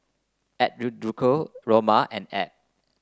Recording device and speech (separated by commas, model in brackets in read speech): close-talking microphone (WH30), read sentence